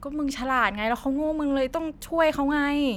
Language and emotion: Thai, frustrated